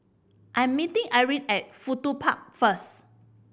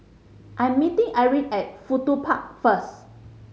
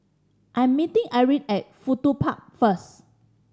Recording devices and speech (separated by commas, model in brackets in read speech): boundary microphone (BM630), mobile phone (Samsung C5010), standing microphone (AKG C214), read sentence